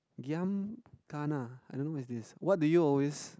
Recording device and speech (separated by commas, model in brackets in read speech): close-talking microphone, conversation in the same room